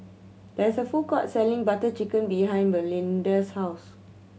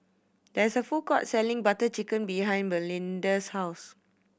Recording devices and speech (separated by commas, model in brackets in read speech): mobile phone (Samsung C7100), boundary microphone (BM630), read sentence